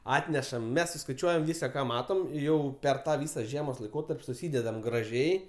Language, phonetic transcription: Lithuanian, ˈatnešam ˈmes suskaiˈčiuojam ˈvysa ka ˈmatom ˈjau ˈper ˈtą ˈvysa ˈžiemos laiˈkotarp' suˈsydedam graˈžiai

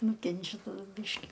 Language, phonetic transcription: Lithuanian, ˈnukenčia taˈdu ˈbyški

